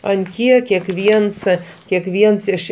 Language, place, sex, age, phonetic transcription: Lithuanian, Aukštaitija, male, 60+, an ˈkiek kekˈviens kekˈviens iš

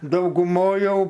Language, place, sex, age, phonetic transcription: Lithuanian, Aukštaitija, male, 60+, dauguˈmoj ˈjau

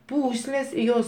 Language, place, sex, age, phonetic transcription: Lithuanian, Aukštaitija, male, 60+, ˈpūslės i ˈjos

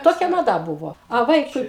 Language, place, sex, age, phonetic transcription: Lithuanian, Aukštaitija, female, 60+, ˈtokia maˈda ˈbuvo a ˈvaikui

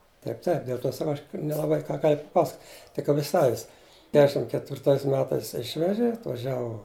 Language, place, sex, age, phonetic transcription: Lithuanian, Žemaitija, male, 60+, ˈtaip taip dėl ˈt'o saˈkau aš nelaˈbai ką gal' paˈpasak tik ˈapi ˈsavis ˈkešim ketvirˈtais ˈmetais ˈišveži atvaˈžiavu

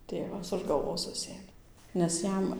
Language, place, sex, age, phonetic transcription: Lithuanian, Dzūkija, female, 18-60, ˈtėvas už galˈvos ˈsusėmė nes ˈjam

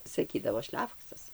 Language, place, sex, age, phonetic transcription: Lithuanian, Dzūkija, female, 60+, saˈkydavo ˈšlefoksas

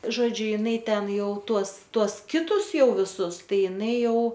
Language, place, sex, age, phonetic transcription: Lithuanian, Aukštaitija, female, 18-60, ˈžodžiu ˈinai ˈten ˈjau ˈtuos ˈtuos ˈkitus ˈjau viˈsus ˈtai iˈnai ˈjau

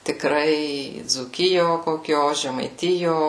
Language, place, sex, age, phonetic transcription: Lithuanian, Suvalkija, female, 18-60, tikˈrai dzūˈkijo koˈkio žemaiˈtijo

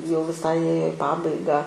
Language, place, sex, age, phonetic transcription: Lithuanian, Aukštaitija, female, 18-60, jau viˈsai ˈėjo i ˈpabaigą

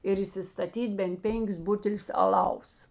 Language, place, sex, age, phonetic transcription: Lithuanian, Žemaitija, female, 60+, ir įsistaˈtyt' bent ˈpenkis ˈbutelius aˈlaus

